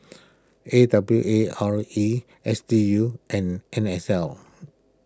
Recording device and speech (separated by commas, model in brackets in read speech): close-talking microphone (WH20), read sentence